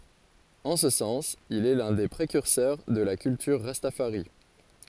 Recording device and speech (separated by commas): forehead accelerometer, read sentence